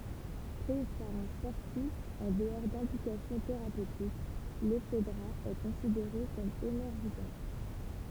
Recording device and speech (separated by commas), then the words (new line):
temple vibration pickup, read sentence
Prise par un sportif en dehors d'indications thérapeutiques, l'ephedra est considérée comme énergisante.